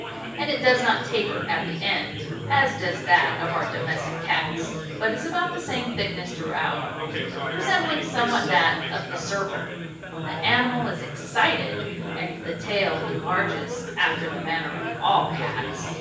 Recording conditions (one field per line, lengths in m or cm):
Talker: one person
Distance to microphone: 9.8 m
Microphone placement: far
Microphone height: 1.8 m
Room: large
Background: babble